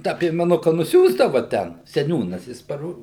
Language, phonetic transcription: Lithuanian, ˈtą piemeˈnuka nuˈsiųsdava ˈten seˈniūnas jis paˈro

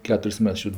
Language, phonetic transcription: Lithuanian, ˈketur's' ˈmets ˈčiūt'

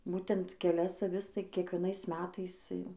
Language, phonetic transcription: Lithuanian, ˈbūtent keˈlias aˈvis tai kiekvieˈnais ˈmetais ˈjau

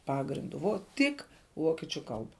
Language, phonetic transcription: Lithuanian, ˈpagrindu vo ˈtik ˈvokiečiu ˈkalba

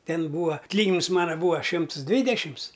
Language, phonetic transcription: Lithuanian, ˈten ˈbūa atˈlyginims ˈmana ˈbūa ˈšims ˈdvydešims

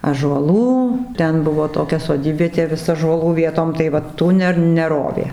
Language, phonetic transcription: Lithuanian, ąžuoˈlų ˈten ˈbuvo toˈkia soˈdybvietė ˈvis ąžuoˈlų ˈvietom tai ˈva ˈtų ne neˈrovė

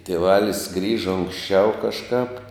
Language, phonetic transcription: Lithuanian, tieˈvalis ˈgrįža unksˈčiau kažˈkāp

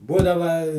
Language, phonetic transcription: Lithuanian, ˈbūdava

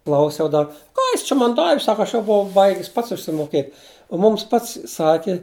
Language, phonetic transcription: Lithuanian, ˈklausiau ˈdar ˈką jis čia man ˈdavi ˈsaka ˈaš jau buˈvau ˈbaigis ˈpats išsimoˈkėt' o ˈmums ˈpats ˈsaki

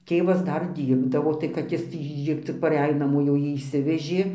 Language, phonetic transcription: Lithuanian, ˈtėvas ˈdar ˈdyrbdavo tai kad ˈjis tį ˈcik paˈrej naˈmo jau ˈjį išˈsivežė

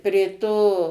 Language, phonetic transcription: Lithuanian, prė ˈto

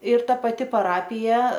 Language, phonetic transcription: Lithuanian, ir ˈta paˈti paˈrapija

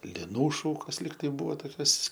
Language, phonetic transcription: Lithuanian, liˈnų ˈšūkos ˈlyg tai ˈbūvo toˈkios

